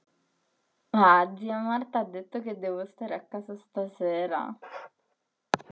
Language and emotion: Italian, sad